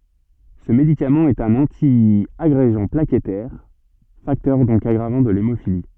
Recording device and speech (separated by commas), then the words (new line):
soft in-ear microphone, read sentence
Ce médicament est un antiagrégant plaquettaire, facteur donc aggravant de l'hémophilie.